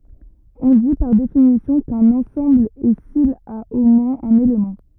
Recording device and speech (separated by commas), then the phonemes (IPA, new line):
rigid in-ear microphone, read sentence
ɔ̃ di paʁ definisjɔ̃ kœ̃n ɑ̃sɑ̃bl ɛ sil a o mwɛ̃z œ̃n elemɑ̃